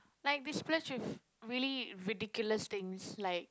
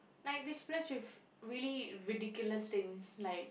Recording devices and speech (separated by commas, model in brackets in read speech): close-talking microphone, boundary microphone, conversation in the same room